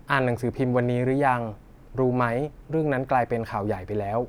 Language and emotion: Thai, neutral